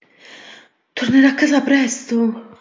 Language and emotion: Italian, surprised